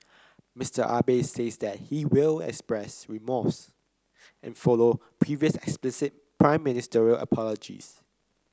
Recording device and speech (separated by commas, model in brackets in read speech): close-talking microphone (WH30), read sentence